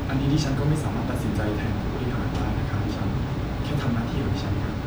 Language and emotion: Thai, neutral